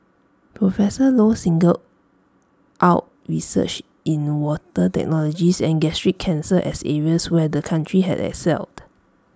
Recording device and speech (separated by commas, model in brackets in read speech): standing microphone (AKG C214), read sentence